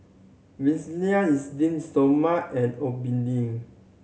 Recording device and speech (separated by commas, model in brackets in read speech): mobile phone (Samsung C7100), read sentence